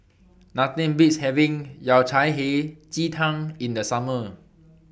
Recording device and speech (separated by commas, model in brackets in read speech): boundary microphone (BM630), read sentence